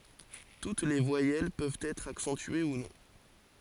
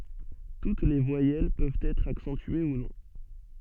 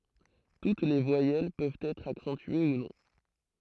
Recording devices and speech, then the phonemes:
forehead accelerometer, soft in-ear microphone, throat microphone, read sentence
tut le vwajɛl pøvt ɛtʁ aksɑ̃tye u nɔ̃

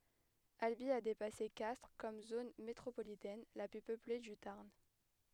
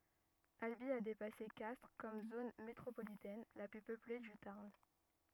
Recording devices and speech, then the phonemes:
headset microphone, rigid in-ear microphone, read sentence
albi a depase kastʁ kɔm zon metʁopolitɛn la ply pøple dy taʁn

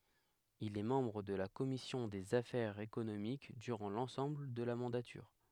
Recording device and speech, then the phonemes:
headset microphone, read sentence
il ɛ mɑ̃bʁ də la kɔmisjɔ̃ dez afɛʁz ekonomik dyʁɑ̃ lɑ̃sɑ̃bl də la mɑ̃datyʁ

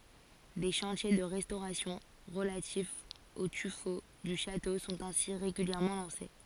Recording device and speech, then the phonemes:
forehead accelerometer, read sentence
de ʃɑ̃tje də ʁɛstoʁasjɔ̃ ʁəlatifz o tyfo dy ʃato sɔ̃t ɛ̃si ʁeɡyljɛʁmɑ̃ lɑ̃se

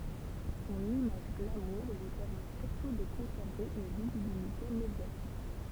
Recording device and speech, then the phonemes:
temple vibration pickup, read sentence
sɔ̃n imaʒ ɡlamuʁ lyi pɛʁmɛ syʁtu də kɔ̃sɛʁve yn vizibilite medjatik

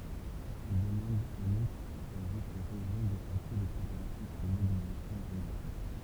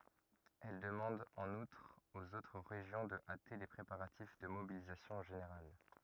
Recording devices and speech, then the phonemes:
temple vibration pickup, rigid in-ear microphone, read sentence
ɛl dəmɑ̃d ɑ̃n utʁ oz otʁ ʁeʒjɔ̃ də ate le pʁepaʁatif də mobilizasjɔ̃ ʒeneʁal

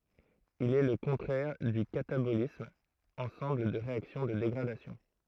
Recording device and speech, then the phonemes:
throat microphone, read sentence
il ɛ lə kɔ̃tʁɛʁ dy katabolism ɑ̃sɑ̃bl de ʁeaksjɔ̃ də deɡʁadasjɔ̃

